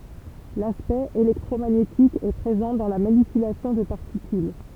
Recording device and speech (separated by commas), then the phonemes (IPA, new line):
temple vibration pickup, read sentence
laspɛkt elɛktʁomaɲetik ɛ pʁezɑ̃ dɑ̃ la manipylasjɔ̃ də paʁtikyl